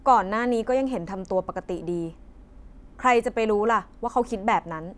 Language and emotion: Thai, frustrated